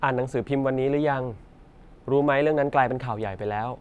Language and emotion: Thai, neutral